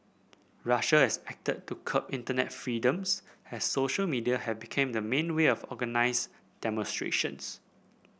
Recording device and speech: boundary microphone (BM630), read sentence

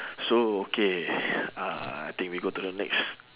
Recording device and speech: telephone, conversation in separate rooms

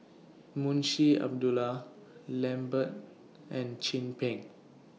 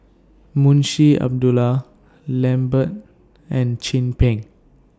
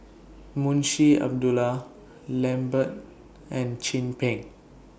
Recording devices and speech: mobile phone (iPhone 6), standing microphone (AKG C214), boundary microphone (BM630), read sentence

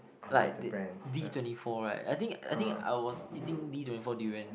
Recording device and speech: boundary microphone, conversation in the same room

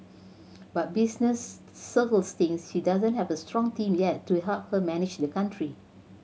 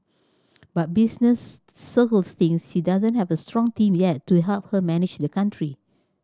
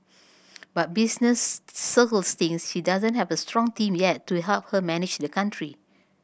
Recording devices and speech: mobile phone (Samsung C7100), standing microphone (AKG C214), boundary microphone (BM630), read sentence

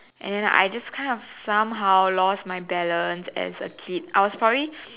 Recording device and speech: telephone, conversation in separate rooms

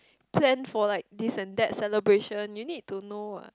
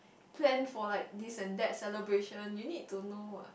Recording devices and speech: close-talking microphone, boundary microphone, conversation in the same room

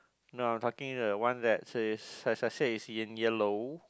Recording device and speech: close-talking microphone, conversation in the same room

